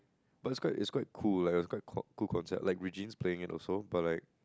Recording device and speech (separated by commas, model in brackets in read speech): close-talking microphone, conversation in the same room